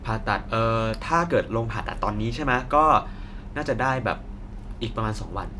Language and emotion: Thai, neutral